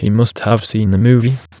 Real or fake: fake